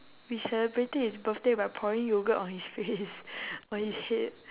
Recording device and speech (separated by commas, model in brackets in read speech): telephone, conversation in separate rooms